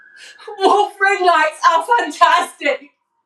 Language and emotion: English, sad